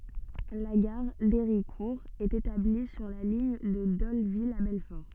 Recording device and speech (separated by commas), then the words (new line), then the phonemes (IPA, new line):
soft in-ear microphone, read sentence
La gare d'Héricourt est établie sur la ligne de Dole-Ville à Belfort.
la ɡaʁ deʁikuʁ ɛt etabli syʁ la liɲ də dolvil a bɛlfɔʁ